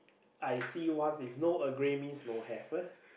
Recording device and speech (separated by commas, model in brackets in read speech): boundary microphone, conversation in the same room